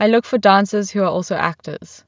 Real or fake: real